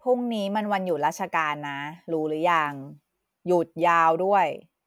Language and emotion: Thai, frustrated